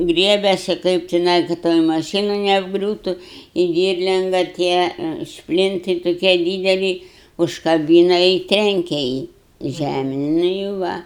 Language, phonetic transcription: Lithuanian, ˈgriebesi ˈkaip tiˈnai ka ˈtoj maˈšynu neapˈgriūtu i ˈdyrlinga ˈtie ˈšplintɨi toˈkie ˈdydeli užkaˈbyna i ˈtrenke ˈjį ˈžæmėn nu i ˈva

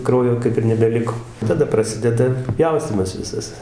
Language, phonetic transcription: Lithuanian, ˈkraujo ˈkaip ir nebeˈliko taˈda praˈsideda ˈpjaustymas ˈvisas

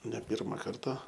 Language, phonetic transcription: Lithuanian, ne ˈpirma ˈkarta

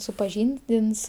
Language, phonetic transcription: Lithuanian, supaˈžyndins

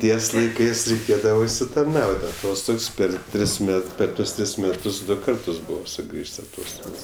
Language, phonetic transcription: Lithuanian, ˈties laiˈkɜs reiˈkėdava užsitarˈnaut' aˈtostogs ˈper ˈtris ˈmet ˈper ˈtuos ˈtris ˈmetus ˈdu ˈkartus ˈbuvo suˈgrįž's' aˈtostogs

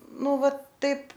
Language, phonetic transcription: Lithuanian, ˈnu ˈva ˈtaip

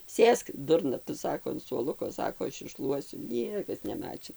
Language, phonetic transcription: Lithuanian, ˈsėsk ˈdurna tu ˈsako an suoˈluko ˈsako ˈaš išˈšluosiu ˈniekas neˈmačin

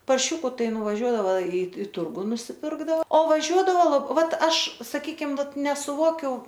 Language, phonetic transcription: Lithuanian, parˈšiuku ˈtai nuvaˈžiuodava i i ˈturgu nusiˈpirkdao o vaˈžiuodavo ˈvat ˈaš saˈkykim ˈvat nesuˈvokiu

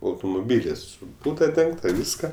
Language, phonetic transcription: Lithuanian, autumuˈbylis su ˈbūda ˈdengta ˈvyska

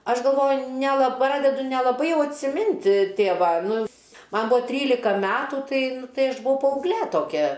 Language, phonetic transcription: Lithuanian, ˈaš galˈvoju neˈla ˈpradedu nelaˈbai ˈjau atsiˈmint ˈtėva ˈnu ˈman ˈbua ˈtrylika ˈmetų ˈtai nu ˈtai aš buˈvau paaugˈlė toˈkia

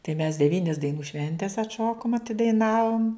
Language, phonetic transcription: Lithuanian, tai mes deˈvynis daiˈnų ˈšventes atˈšokom atidaiˈnavom

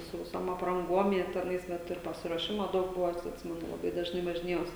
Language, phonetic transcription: Lithuanian, su viˈsom apranˈguom jie teˈnais ˈvat ir pasiruoˈšima ˈdaug ˈbuva ˈatsi atˈsimenu laˈbai dažˈnai važiˈnėjaus

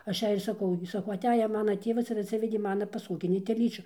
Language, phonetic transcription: Lithuanian, ˈaš ˈjai ir saˈkau gi saˈkau aˈteja ˈmana ˈtėvas ir atˈsivedė ˈmana paˈsogini teˈlyčiu

